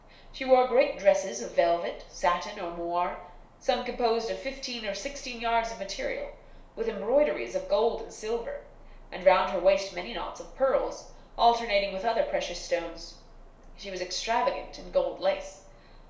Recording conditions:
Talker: one person; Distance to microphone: 1.0 m; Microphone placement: close; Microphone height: 1.1 m; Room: small (3.7 m by 2.7 m); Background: none

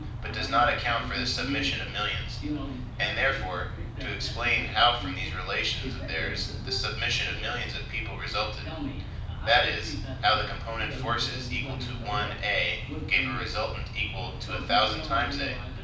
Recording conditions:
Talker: one person; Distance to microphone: 5.8 m; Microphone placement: far; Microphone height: 1.8 m; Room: medium-sized (5.7 m by 4.0 m); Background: television

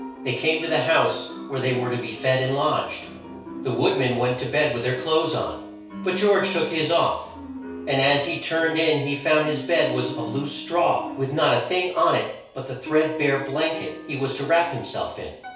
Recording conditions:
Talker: one person; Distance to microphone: 3.0 m; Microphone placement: far; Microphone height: 1.8 m; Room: small (3.7 m by 2.7 m); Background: music

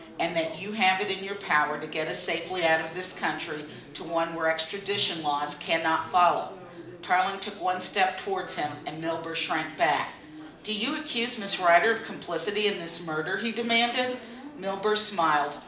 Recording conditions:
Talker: one person; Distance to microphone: 2.0 m; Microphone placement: close; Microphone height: 99 cm; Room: medium-sized (5.7 m by 4.0 m); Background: babble

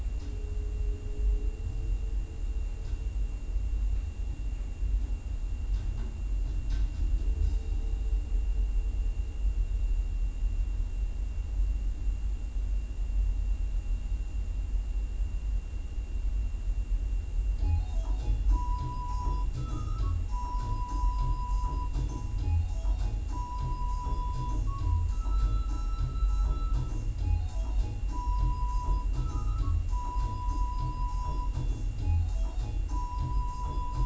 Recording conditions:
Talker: no one; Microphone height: 1.7 m; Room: large; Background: music

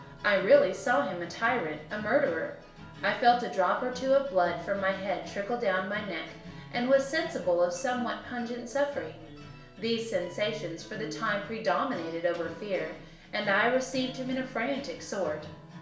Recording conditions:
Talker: one person; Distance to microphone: 1.0 m; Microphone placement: close; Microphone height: 1.1 m; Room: small (3.7 m by 2.7 m); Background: music

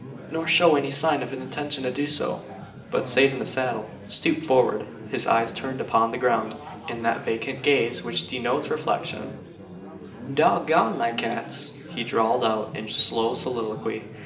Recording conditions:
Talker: one person; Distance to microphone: 1.8 m; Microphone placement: close; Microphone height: 1.0 m; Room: large; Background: babble

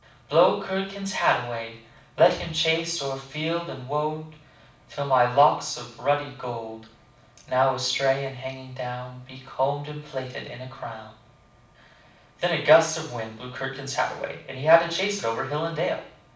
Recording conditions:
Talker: one person; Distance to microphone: 5.8 m; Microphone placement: far; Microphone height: 1.8 m; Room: medium-sized (5.7 m by 4.0 m); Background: none

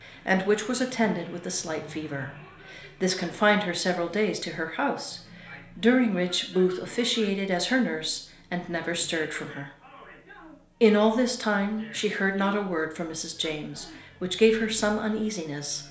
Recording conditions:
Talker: one person; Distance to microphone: 1.0 m; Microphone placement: close; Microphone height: 1.1 m; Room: small (3.7 m by 2.7 m); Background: television

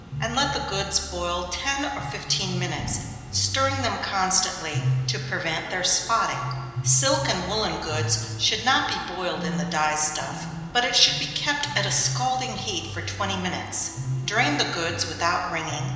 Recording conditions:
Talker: one person; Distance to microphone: 1.7 m; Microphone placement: close; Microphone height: 1.0 m; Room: very reverberant, large; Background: music

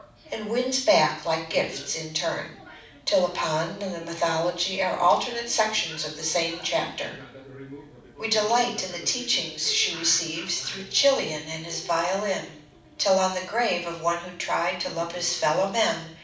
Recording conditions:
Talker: one person; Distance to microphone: 5.8 m; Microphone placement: far; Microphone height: 1.8 m; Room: medium-sized (5.7 m by 4.0 m); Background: television

